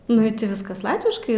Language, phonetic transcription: Lithuanian, nu i ˈti ˈviskas ˈlatviškai

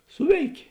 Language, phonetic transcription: Lithuanian, ˈsuveikė

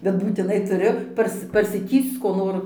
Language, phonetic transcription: Lithuanian, bet būtiˈnai tuˈriu ˈpars parsiˈtįsc ko ˈnor

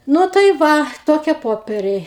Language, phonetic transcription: Lithuanian, ˈnu tai ˈva ˈtokie ˈpoperiai

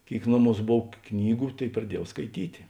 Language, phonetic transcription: Lithuanian, ˈkėik ˈnoˌmūs ˈbov ˈknygu ˈtėik praˈdiejau skaiˈtyti

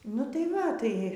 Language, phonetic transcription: Lithuanian, nu tai ˈva ˈtai

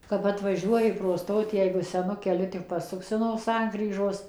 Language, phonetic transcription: Lithuanian, kap atvaˈžiuoji pro ˈstotį jeigu seˈnu keˈliu tik paˈsuksi no ˈsankryžos

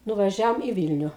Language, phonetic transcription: Lithuanian, nuvaˈžiaom į ˈvylniu

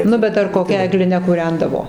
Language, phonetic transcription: Lithuanian, ˈnu bet ar koˈkia egliˈne kuˈrendavo

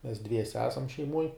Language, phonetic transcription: Lithuanian, mes ˈdviese ˈesam šeiˈmuoj

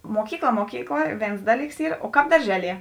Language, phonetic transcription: Lithuanian, ˈmokykˌla ˈmokykˌla ˈvėns ˈdaˌlyks ˈyr o ˈkāp darˈžeˌlie

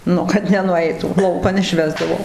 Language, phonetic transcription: Lithuanian, ˈnu kad nenuˈeitų ˈlaukan išˈvesdavo

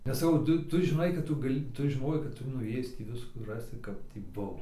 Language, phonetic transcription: Lithuanian, nes saˈkau ˈtu ˈtu žiˈnai kad ˈtu gaˈli ˈtu žiˈnojai kad ˈtu nuˈėjis tį ˈviskų ˈrasi ˈkap tį ˈbuvo

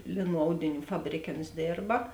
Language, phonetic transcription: Lithuanian, ˈlėˌnų ˈaudiˌnių ˈfabrėˌkė ons ˈdėrba

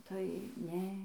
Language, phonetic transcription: Lithuanian, tai ˈne

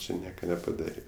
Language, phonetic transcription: Lithuanian, ˈči ˈnieka nepaˈdarė

